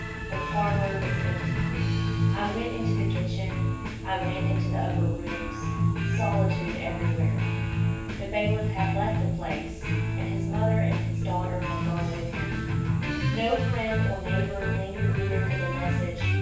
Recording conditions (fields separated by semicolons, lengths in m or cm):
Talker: one person; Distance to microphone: 9.8 m; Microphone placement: far; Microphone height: 1.8 m; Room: large; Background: music